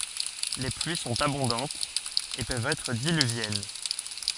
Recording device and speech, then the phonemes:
forehead accelerometer, read sentence
le plyi sɔ̃t abɔ̃dɑ̃tz e pøvt ɛtʁ dilyvjɛn

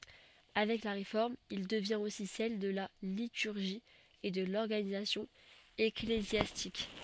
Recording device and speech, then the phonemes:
soft in-ear microphone, read sentence
avɛk la ʁefɔʁm il dəvjɛ̃t osi sɛl də la lityʁʒi e də lɔʁɡanizasjɔ̃ eklezjastik

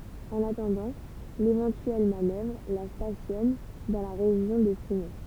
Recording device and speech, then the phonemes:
temple vibration pickup, read sentence
ɑ̃n atɑ̃dɑ̃ levɑ̃tyɛl manœvʁ la stasjɔn dɑ̃ la ʁeʒjɔ̃ də fymɛ

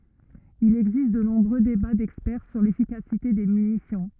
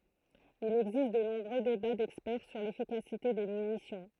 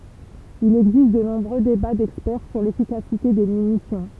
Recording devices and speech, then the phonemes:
rigid in-ear microphone, throat microphone, temple vibration pickup, read sentence
il ɛɡzist də nɔ̃bʁø deba dɛkspɛʁ syʁ lefikasite de mynisjɔ̃

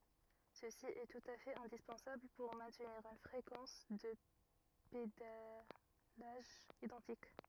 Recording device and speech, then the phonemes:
rigid in-ear microphone, read sentence
səsi ɛ tut a fɛt ɛ̃dispɑ̃sabl puʁ mɛ̃tniʁ yn fʁekɑ̃s də pedalaʒ idɑ̃tik

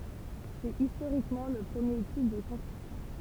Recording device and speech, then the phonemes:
temple vibration pickup, read sentence
sɛt istoʁikmɑ̃ lə pʁəmje tip də kɔ̃stʁyksjɔ̃

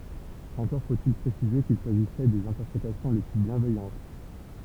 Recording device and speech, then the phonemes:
temple vibration pickup, read sentence
ɑ̃kɔʁ fotil pʁesize kil saʒisɛ dez ɛ̃tɛʁpʁetasjɔ̃ le ply bjɛ̃vɛjɑ̃t

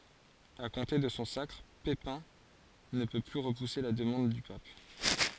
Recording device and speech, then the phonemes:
forehead accelerometer, read sentence
a kɔ̃te də sɔ̃ sakʁ pepɛ̃ nə pø ply ʁəpuse la dəmɑ̃d dy pap

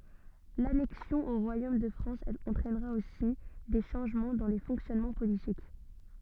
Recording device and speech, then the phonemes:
soft in-ear microphone, read sentence
lanɛksjɔ̃ o ʁwajom də fʁɑ̃s ɑ̃tʁɛnʁa osi de ʃɑ̃ʒmɑ̃ dɑ̃ le fɔ̃ksjɔnmɑ̃ politik

